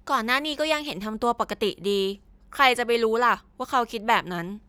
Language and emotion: Thai, frustrated